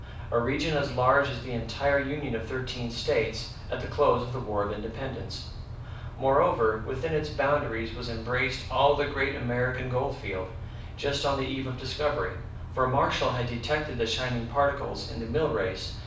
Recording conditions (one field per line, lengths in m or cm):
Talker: one person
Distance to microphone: 5.8 m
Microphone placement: far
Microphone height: 1.8 m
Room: medium-sized (5.7 m by 4.0 m)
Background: none